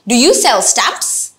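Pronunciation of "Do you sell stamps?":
The question is said with rising intonation: the voice starts low and goes gradually higher toward the end of the question.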